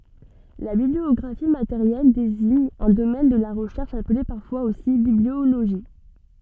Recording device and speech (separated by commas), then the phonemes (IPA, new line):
soft in-ear microphone, read sentence
la bibliɔɡʁafi mateʁjɛl deziɲ œ̃ domɛn də la ʁəʃɛʁʃ aple paʁfwaz osi biblioloʒi